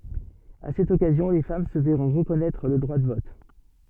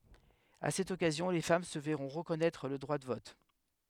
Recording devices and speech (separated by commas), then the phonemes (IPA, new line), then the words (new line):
soft in-ear microphone, headset microphone, read sentence
a sɛt ɔkazjɔ̃ le fam sə vɛʁɔ̃ ʁəkɔnɛtʁ lə dʁwa də vɔt
À cette occasion, les femmes se verront reconnaître le droit de vote.